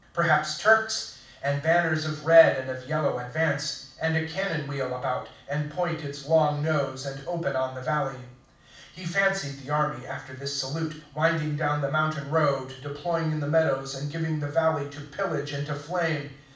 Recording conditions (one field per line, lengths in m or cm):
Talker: one person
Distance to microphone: 5.8 m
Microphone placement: far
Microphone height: 1.8 m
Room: medium-sized (5.7 m by 4.0 m)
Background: none